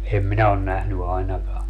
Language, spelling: Finnish, en minä ole nähnyt ainakaan
- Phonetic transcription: em 'minä on 'nähny 'ainaka .

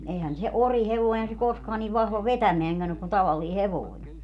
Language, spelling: Finnish, eihän se orihevonen - se koskaan niin vahva vetämäänkään ole kuin tavallinen hevonen
- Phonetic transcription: 'eihän se "orihevoin (--) se 'koskaa niv 'vahva "vetämeäŋgän ‿ok kun 'tavallii "hev(oin) .

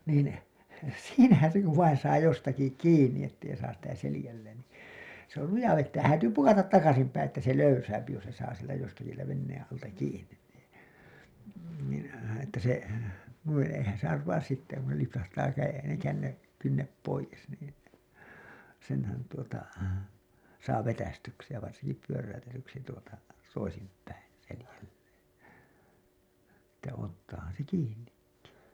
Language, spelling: Finnish, niin siinähän se kun vain saa jostakin kiinni että ei saa sitä selälleen niin se oli luja vetämään häätyy pukata takaisin päin että se löysää jos se saa sieltä jostakin sieltä veneen alta kiinni niin niin että se noin eihän se arvaa sitten kun se lipsahtaa - - kynnet pois niin senhän tuota saa vetäistyksi ja varsinkin pyöräytetyksi tuota toisinpäin selälleen että ottaahan se kiinnikin
- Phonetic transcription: niin , "siinähän̬ se kuv vain saa 'jostaki 'kiinni 'ettei saas sitä 'selĭjälleen nii , se ‿ol 'luja vettää , 'häätyy "pukatat 'takasim päiḭ että se 'löysääpi jos se saa sieltä jostaki sieltä venneeḛ alta 'kiiǹin nii , niin̬ , että se , nuin̬ , eihän se arvaas sitte kun se lipsahtaa käje- , känne- , kynnep poijes niin̬ , senhän tuota , 'saa 'vetästyksi ja varsinki 'pyöräytetyksi tuota , 'toisimp̀äin̬ , 'selälleen̬ , että ottaahan̬ se 'kiinnikki .

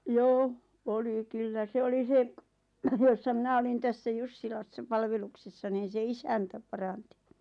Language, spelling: Finnish, joo oli kyllä se oli se jossa minä olin tässä Jussilassa palveluksessa niin se isäntä paransi
- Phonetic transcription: joo , 'oli kyllä 'se oli 'se , jossa 'mⁱnä olin 'tässä "Jussilassa "palveluksessa niin̬ se "isäntä 'paranti .

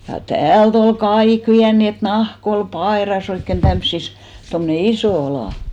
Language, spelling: Finnish, ja täältä oli kaikki vienyt niin että nahka oli paidassa oikein tämmöisissä tuommoinen iso ala
- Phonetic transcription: ja "täält ‿ol "kaik viän nii et 'nah'k ‿ol "paèras ‿oikken 'tämssis , tomne "isò 'alà .

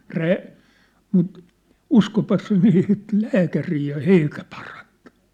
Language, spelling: Finnish, - mutta uskoipas se meni sitten lääkäriin ja eikä parantunut
- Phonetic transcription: 'rää- , mut , "uskopas se meni sit "läkärii ja "eikä 'parᴀ(ɴtᴜɴ) .

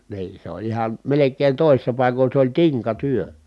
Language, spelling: Finnish, niin se oli ihan melkein toisissa paikoin se oli tinkatyö
- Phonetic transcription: nii , se oĺ ihan , melek̀een tòi̮sissa pàikoń se ‿oĺ tiŋkatyö .

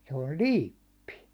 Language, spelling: Finnish, se oli liippi
- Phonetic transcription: se ol "liippi .

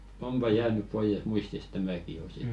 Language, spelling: Finnish, onpa jäänyt pois muistista tämäkin jo sitten
- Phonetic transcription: 'ompa 'jäänyp 'poijes 'muistisᵗ "tämäki jo sit .

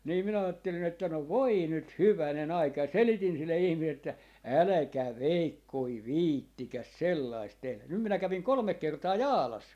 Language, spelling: Finnish, niin minä ajattelin että no voi nyt hyvänen aika ja selitin sille ihmiselle että älkää veikkonen viitsikö sellaista tehdä nyt minä kävin kolme kertaa Jaalassa
- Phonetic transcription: nii minä 'aattelin ‿että » no "voi 'nyt "hyväne'n ‿aika » ja "selitin 'sille 'ihmi(sel) että , » "äläkä̀ "veikkoi "viittikäs 'sellaist tehlän » 'nym minä 'käviŋ 'kolᵒmek 'kertaa "Jaalas .

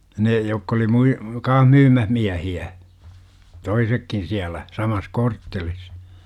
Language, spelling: Finnish, ne jotka oli - kanssa myymässä miehiä toisetkin siellä samassa korttelissa
- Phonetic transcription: ne jokk ‿oli 'mui- , "kaah 'myymäh 'miähi₍ä , "toisekkin siälä , 'samas "korttelis .

